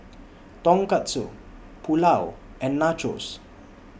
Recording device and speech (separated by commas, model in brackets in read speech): boundary microphone (BM630), read sentence